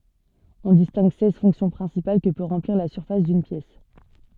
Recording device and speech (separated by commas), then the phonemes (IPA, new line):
soft in-ear microphone, read sentence
ɔ̃ distɛ̃ɡ sɛz fɔ̃ksjɔ̃ pʁɛ̃sipal kə pø ʁɑ̃pliʁ la syʁfas dyn pjɛs